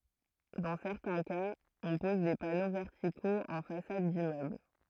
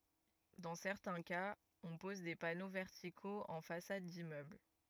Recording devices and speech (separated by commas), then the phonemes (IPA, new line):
throat microphone, rigid in-ear microphone, read sentence
dɑ̃ sɛʁtɛ̃ kaz ɔ̃ pɔz de pano vɛʁtikoz ɑ̃ fasad dimmøbl